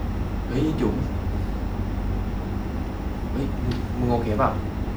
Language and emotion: Thai, frustrated